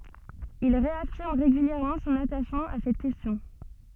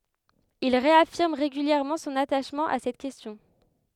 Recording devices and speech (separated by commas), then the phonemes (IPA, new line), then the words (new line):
soft in-ear microphone, headset microphone, read sentence
il ʁeafiʁm ʁeɡyljɛʁmɑ̃ sɔ̃n ataʃmɑ̃ a sɛt kɛstjɔ̃
Il réaffirme régulièrement son attachement à cette question.